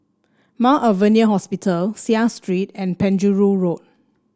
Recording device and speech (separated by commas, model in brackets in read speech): standing microphone (AKG C214), read sentence